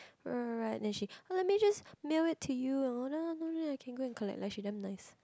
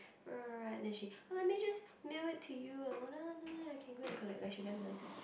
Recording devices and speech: close-talking microphone, boundary microphone, conversation in the same room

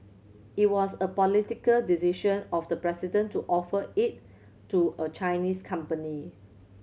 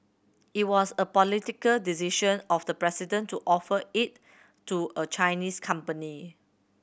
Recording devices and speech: mobile phone (Samsung C7100), boundary microphone (BM630), read sentence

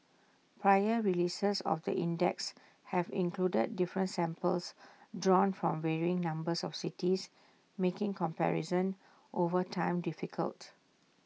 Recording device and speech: mobile phone (iPhone 6), read sentence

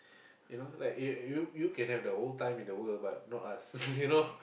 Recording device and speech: boundary microphone, conversation in the same room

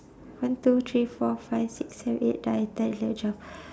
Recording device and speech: standing microphone, conversation in separate rooms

